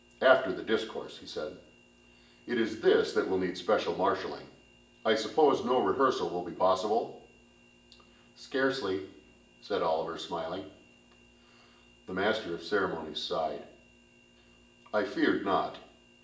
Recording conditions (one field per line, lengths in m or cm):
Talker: one person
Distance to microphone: 1.8 m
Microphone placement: close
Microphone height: 1.0 m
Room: large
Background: none